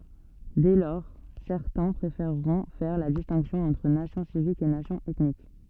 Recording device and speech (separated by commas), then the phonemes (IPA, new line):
soft in-ear microphone, read sentence
dɛ lɔʁ sɛʁtɛ̃ pʁefeʁʁɔ̃ fɛʁ la distɛ̃ksjɔ̃ ɑ̃tʁ nasjɔ̃ sivik e nasjɔ̃ ɛtnik